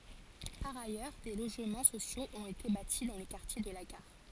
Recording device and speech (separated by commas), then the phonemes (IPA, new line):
forehead accelerometer, read sentence
paʁ ajœʁ de loʒmɑ̃ sosjoz ɔ̃t ete bati dɑ̃ lə kaʁtje də la ɡaʁ